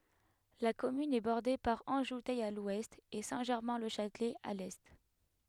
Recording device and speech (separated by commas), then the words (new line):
headset microphone, read sentence
La commune est bordée par Anjoutey à l'ouest et Saint-Germain-le-Châtelet à l'est.